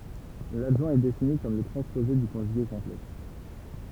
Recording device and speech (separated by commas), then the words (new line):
temple vibration pickup, read sentence
L'adjoint est défini comme le transposé du conjugué complexe.